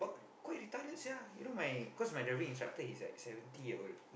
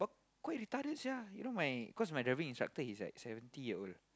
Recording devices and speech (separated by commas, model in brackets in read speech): boundary microphone, close-talking microphone, conversation in the same room